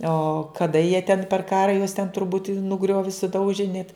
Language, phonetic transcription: Lithuanian, o kaˈda jie ten per ˈkara juos ten turˈbūt' nuˈgriovi suˈdauži net

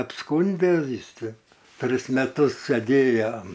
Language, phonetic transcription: Lithuanian, apˈskūndė ˈjis ˈčia ˈtris meˈtus seˈdėjo

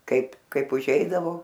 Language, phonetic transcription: Lithuanian, ˈkaip ˈkaip uˈžeidavo

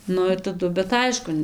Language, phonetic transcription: Lithuanian, ˈnu ir taˈdu bet ˈaišku

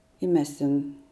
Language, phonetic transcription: Lithuanian, i ˈmes ten

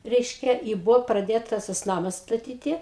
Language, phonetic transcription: Lithuanian, ˈreiškia i ˈbuvo praˈdėtas tas ˈnamas staˈtyti

